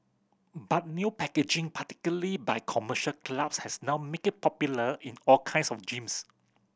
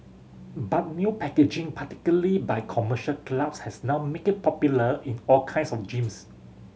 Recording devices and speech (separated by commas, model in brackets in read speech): boundary microphone (BM630), mobile phone (Samsung C7100), read sentence